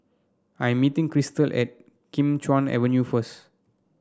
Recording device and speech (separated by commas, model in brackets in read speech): standing microphone (AKG C214), read sentence